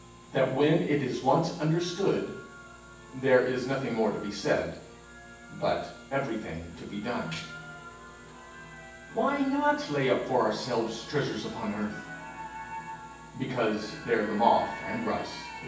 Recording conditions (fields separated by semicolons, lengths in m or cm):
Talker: one person; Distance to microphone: 9.8 m; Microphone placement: far; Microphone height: 1.8 m; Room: large; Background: television